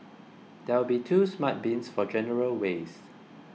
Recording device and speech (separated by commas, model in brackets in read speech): mobile phone (iPhone 6), read sentence